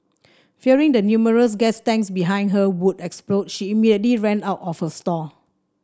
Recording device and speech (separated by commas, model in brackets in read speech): standing microphone (AKG C214), read sentence